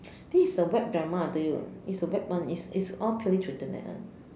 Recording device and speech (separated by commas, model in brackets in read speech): standing microphone, conversation in separate rooms